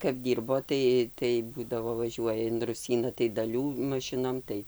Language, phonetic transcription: Lithuanian, kap ˈdyrbo ˈtai tai ˈbūdavo vaˈžiuoja in ruˈsyna tai daˈlių maˈšinom ˈtai

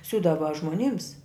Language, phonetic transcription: Lithuanian, ˈsiūdava žmoˈnims

